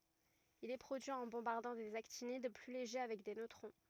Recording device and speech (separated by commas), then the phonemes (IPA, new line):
rigid in-ear microphone, read sentence
il ɛ pʁodyi ɑ̃ bɔ̃baʁdɑ̃ dez aktinid ply leʒe avɛk de nøtʁɔ̃